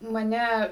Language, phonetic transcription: Lithuanian, maˈne

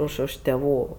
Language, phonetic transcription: Lithuanian, ˈuž už tėˈvų

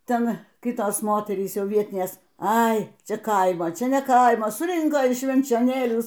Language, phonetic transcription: Lithuanian, ˈten ˈkitos ˈmoterys ˈjau ˈvietinės ˈai ˈčia ˈkaimo ˈčia ne ˈkaimo suˈrinko iš švenčioˈnėlių

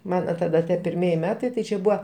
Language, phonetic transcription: Lithuanian, ˈmana taˈda ˈda pirˈmieji ˈmetai tai ˈčia ˈbūa

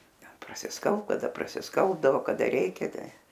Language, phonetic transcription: Lithuanian, ˈten prasisˈkalbt kaˈda prasisˈkalbdavo kaˈda ˈreikia ˈtai

